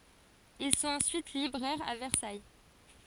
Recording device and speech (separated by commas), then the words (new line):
forehead accelerometer, read sentence
Ils sont ensuite libraires à Versailles.